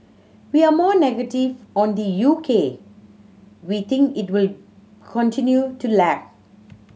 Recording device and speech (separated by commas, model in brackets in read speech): mobile phone (Samsung C7100), read sentence